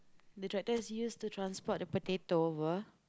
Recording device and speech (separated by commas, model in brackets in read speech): close-talking microphone, conversation in the same room